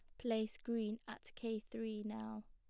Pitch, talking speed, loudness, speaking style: 220 Hz, 155 wpm, -44 LUFS, plain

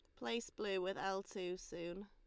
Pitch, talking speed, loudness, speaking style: 195 Hz, 195 wpm, -43 LUFS, Lombard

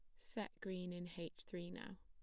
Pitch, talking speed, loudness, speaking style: 175 Hz, 200 wpm, -49 LUFS, plain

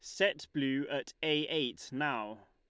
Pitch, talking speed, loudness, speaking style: 145 Hz, 155 wpm, -34 LUFS, Lombard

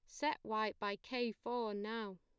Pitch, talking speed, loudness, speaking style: 220 Hz, 180 wpm, -41 LUFS, plain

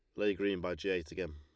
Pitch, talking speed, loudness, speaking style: 95 Hz, 310 wpm, -36 LUFS, Lombard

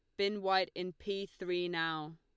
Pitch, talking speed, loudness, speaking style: 180 Hz, 185 wpm, -36 LUFS, Lombard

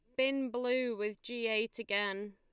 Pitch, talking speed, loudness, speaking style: 230 Hz, 170 wpm, -34 LUFS, Lombard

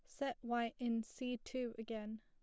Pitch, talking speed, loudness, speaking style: 235 Hz, 180 wpm, -43 LUFS, plain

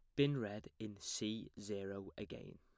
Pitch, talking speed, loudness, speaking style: 105 Hz, 150 wpm, -44 LUFS, plain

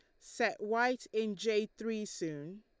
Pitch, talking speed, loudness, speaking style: 215 Hz, 150 wpm, -35 LUFS, Lombard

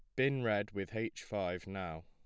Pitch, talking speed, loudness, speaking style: 100 Hz, 195 wpm, -37 LUFS, plain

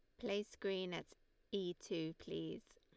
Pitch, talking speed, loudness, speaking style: 185 Hz, 140 wpm, -45 LUFS, Lombard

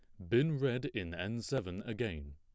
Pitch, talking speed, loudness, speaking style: 110 Hz, 175 wpm, -36 LUFS, plain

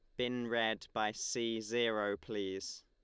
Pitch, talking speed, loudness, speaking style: 110 Hz, 135 wpm, -37 LUFS, Lombard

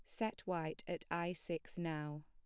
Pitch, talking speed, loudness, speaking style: 170 Hz, 175 wpm, -42 LUFS, plain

